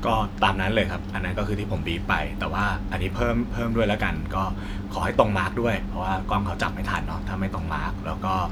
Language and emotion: Thai, neutral